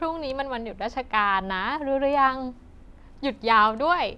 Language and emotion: Thai, happy